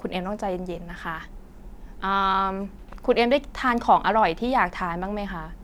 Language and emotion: Thai, neutral